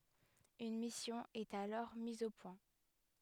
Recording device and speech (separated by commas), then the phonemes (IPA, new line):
headset microphone, read sentence
yn misjɔ̃ ɛt alɔʁ miz o pwɛ̃